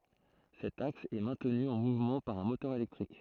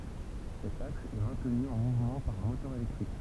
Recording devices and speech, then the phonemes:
throat microphone, temple vibration pickup, read sentence
sɛt aks ɛ mɛ̃tny ɑ̃ muvmɑ̃ paʁ œ̃ motœʁ elɛktʁik

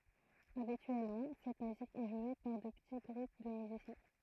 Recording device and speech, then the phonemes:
throat microphone, read sentence
abityɛlmɑ̃ sɛt myzik ɛ ʒwe paʁ də pəti ɡʁup də myzisjɛ̃

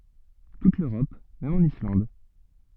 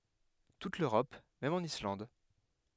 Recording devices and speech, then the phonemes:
soft in-ear microphone, headset microphone, read sentence
tut løʁɔp mɛm ɑ̃n islɑ̃d

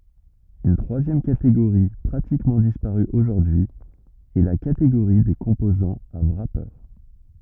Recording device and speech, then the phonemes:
rigid in-ear microphone, read sentence
yn tʁwazjɛm kateɡoʁi pʁatikmɑ̃ dispaʁy oʒuʁdyi ɛ la kateɡoʁi de kɔ̃pozɑ̃z a wʁape

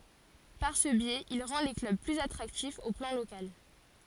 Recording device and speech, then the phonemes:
forehead accelerometer, read sentence
paʁ sə bjɛz il ʁɑ̃ le klœb plyz atʁaktifz o plɑ̃ lokal

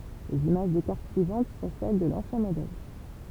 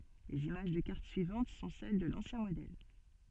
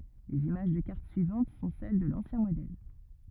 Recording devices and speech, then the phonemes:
temple vibration pickup, soft in-ear microphone, rigid in-ear microphone, read sentence
lez imaʒ də kaʁt syivɑ̃t sɔ̃ sɛl də lɑ̃sjɛ̃ modɛl

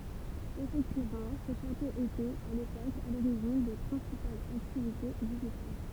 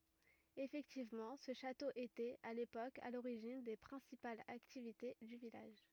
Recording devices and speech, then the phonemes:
temple vibration pickup, rigid in-ear microphone, read sentence
efɛktivmɑ̃ sə ʃato etɛt a lepok a loʁiʒin de pʁɛ̃sipalz aktivite dy vilaʒ

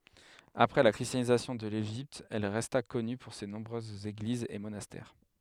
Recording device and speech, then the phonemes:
headset microphone, read sentence
apʁɛ la kʁistjanizasjɔ̃ də leʒipt ɛl ʁɛsta kɔny puʁ se nɔ̃bʁøzz eɡlizz e monastɛʁ

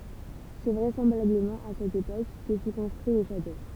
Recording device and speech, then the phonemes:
temple vibration pickup, read sentence
sɛ vʁɛsɑ̃blabləmɑ̃ a sɛt epok kə fy kɔ̃stʁyi lə ʃato

